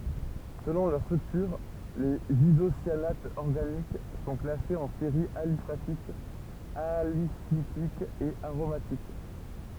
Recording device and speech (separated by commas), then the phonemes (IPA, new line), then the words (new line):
temple vibration pickup, read sentence
səlɔ̃ lœʁ stʁyktyʁ lez izosjanatz ɔʁɡanik sɔ̃ klasez ɑ̃ seʁiz alifatikz alisiklikz e aʁomatik
Selon leur structure, les isocyanates organiques sont classés en séries aliphatiques, alicycliques et aromatiques.